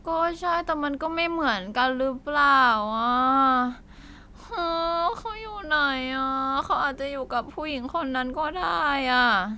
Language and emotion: Thai, sad